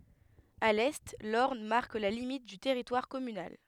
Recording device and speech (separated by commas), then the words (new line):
headset microphone, read sentence
À l'est, l'Orne marque la limite du territoire communal.